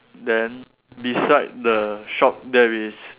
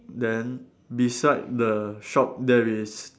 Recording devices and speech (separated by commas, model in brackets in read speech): telephone, standing microphone, conversation in separate rooms